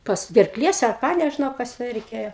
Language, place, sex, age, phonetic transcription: Lithuanian, Aukštaitija, female, 60+, ˈpas gerˈklies ar ˈką nežiˈnau ˈkas jau reiˈkėjo

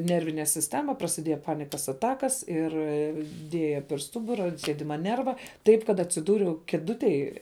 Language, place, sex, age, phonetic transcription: Lithuanian, Žemaitija, female, 18-60, ˈnervine sisˈtema prasiˈdieja ˈpanikas aˈtakas ˈir ˈdieja per ˈstubura ant ˈsiedima ˈnerva nervą ˈtaip kad atsiˈdūriau kėˈdutėj

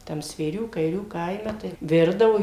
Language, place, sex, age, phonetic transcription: Lithuanian, Suvalkija, female, 60+, ˈtam svėˈrių kaiˈrių ˈkaime tai ˈvirdavo

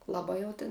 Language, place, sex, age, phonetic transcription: Lithuanian, Žemaitija, female, 18-60, laˈbai jau tin

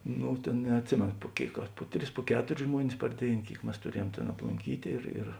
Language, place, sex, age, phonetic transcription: Lithuanian, Žemaitija, male, 60+, ˈnu ˈtėn neatˈsimėno pu ˈkėik ar ˈpu ˌtris pu ˈketuris ˈžmuonis par ˈdėin ˈkėik ˈmes tuˈriejuom tėn aplunˈkytė ir ir

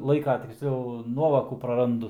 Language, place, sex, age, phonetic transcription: Lithuanian, Aukštaitija, male, 18-60, ˈlaika tiksˈliau ˈnuovokų praˈrandu

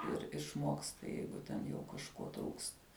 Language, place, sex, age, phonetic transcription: Lithuanian, Žemaitija, female, 18-60, ir išˈmoksta ˈjeigu ten jau kažˈko trūksta

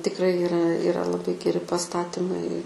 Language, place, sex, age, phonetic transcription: Lithuanian, Aukštaitija, female, 18-60, tikˈrai iˈra iˈra laˈbai geˈri paˈstatimai

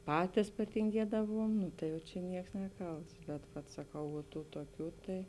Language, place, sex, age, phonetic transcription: Lithuanian, Žemaitija, female, 18-60, ˈpatis patinˈgiedavuom ˈnu tai jau čia ˈnieks ˈneˌkalts bet vat saˈkau vuo ˈtų tuoˈkių tai

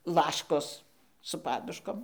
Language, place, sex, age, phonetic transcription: Lithuanian, Dzūkija, female, 60+, ˈlaškos su ˈpaduškom

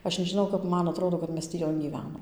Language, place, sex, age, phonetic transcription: Lithuanian, Dzūkija, female, 18-60, ˈaš nežiˈnau kap ˈman aˈtrodo kad ˈmes tį ˈjon gyˈvenom

